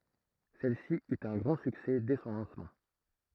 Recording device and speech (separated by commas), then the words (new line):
throat microphone, read sentence
Celle-ci eut un grand succès dès son lancement.